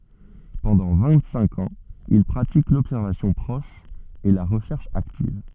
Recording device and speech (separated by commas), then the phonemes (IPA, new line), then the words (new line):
soft in-ear microphone, read sentence
pɑ̃dɑ̃ vɛ̃ɡtsɛ̃k ɑ̃z il pʁatik lɔbsɛʁvasjɔ̃ pʁɔʃ e la ʁəʃɛʁʃ aktiv
Pendant vingt-cinq ans il pratique l'observation proche et la recherche active.